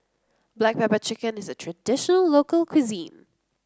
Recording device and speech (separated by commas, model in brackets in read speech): close-talking microphone (WH30), read sentence